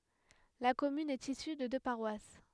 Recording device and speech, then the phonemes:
headset microphone, read sentence
la kɔmyn ɛt isy də dø paʁwas

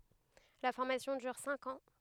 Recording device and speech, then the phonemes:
headset microphone, read sentence
la fɔʁmasjɔ̃ dyʁ sɛ̃k ɑ̃

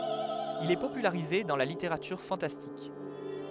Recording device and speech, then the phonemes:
headset microphone, read sentence
il ɛ popylaʁize dɑ̃ la liteʁatyʁ fɑ̃tastik

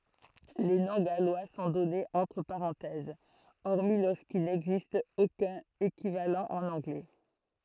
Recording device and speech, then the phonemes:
throat microphone, read sentence
le nɔ̃ ɡalwa sɔ̃ dɔnez ɑ̃tʁ paʁɑ̃tɛz ɔʁmi loʁskil nɛɡzist okœ̃n ekivalɑ̃ ɑ̃n ɑ̃ɡlɛ

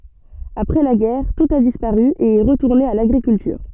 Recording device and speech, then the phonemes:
soft in-ear microphone, read sentence
apʁɛ la ɡɛʁ tut a dispaʁy e ɛ ʁətuʁne a laɡʁikyltyʁ

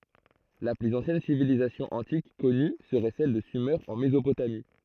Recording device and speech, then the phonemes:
throat microphone, read sentence
la plyz ɑ̃sjɛn sivilizasjɔ̃ ɑ̃tik kɔny səʁɛ sɛl də syme ɑ̃ mezopotami

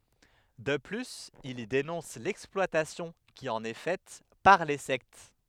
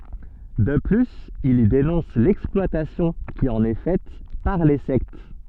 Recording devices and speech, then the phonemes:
headset microphone, soft in-ear microphone, read sentence
də plyz il i denɔ̃s lɛksplwatasjɔ̃ ki ɑ̃n ɛ fɛt paʁ le sɛkt

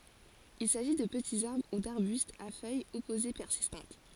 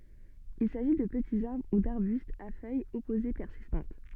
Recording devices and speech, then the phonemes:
forehead accelerometer, soft in-ear microphone, read sentence
il saʒi də pətiz aʁbʁ u daʁbystz a fœjz ɔpoze pɛʁsistɑ̃t

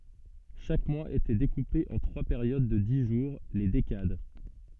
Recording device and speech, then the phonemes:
soft in-ear microphone, read sentence
ʃak mwaz etɛ dekupe ɑ̃ tʁwa peʁjod də di ʒuʁ le dekad

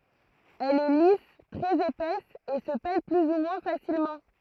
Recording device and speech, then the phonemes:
throat microphone, read sentence
ɛl ɛ lis tʁɛz epɛs e sə pɛl ply u mwɛ̃ fasilmɑ̃

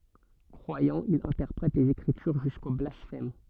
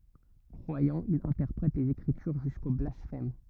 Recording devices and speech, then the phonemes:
soft in-ear microphone, rigid in-ear microphone, read sentence
kʁwajɑ̃ il ɛ̃tɛʁpʁɛt lez ekʁityʁ ʒysko blasfɛm

